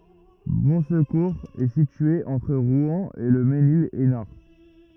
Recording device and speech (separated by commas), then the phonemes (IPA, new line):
rigid in-ear microphone, read sentence
bɔ̃skuʁz ɛ sitye ɑ̃tʁ ʁwɛ̃ e lə menil ɛsnaʁ